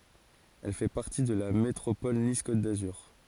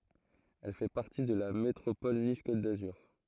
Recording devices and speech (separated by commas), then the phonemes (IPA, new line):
forehead accelerometer, throat microphone, read sentence
ɛl fɛ paʁti də la metʁopɔl nis kot dazyʁ